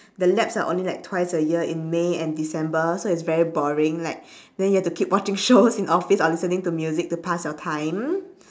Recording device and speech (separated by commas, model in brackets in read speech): standing microphone, conversation in separate rooms